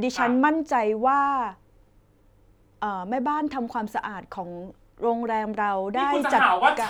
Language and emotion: Thai, neutral